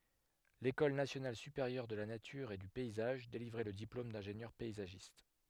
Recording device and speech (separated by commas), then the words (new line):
headset microphone, read sentence
L'école nationale supérieure de la nature et du paysage délivrait le diplôme d'ingénieur paysagiste.